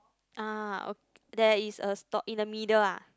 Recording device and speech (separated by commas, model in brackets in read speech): close-talking microphone, conversation in the same room